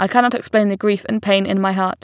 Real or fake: real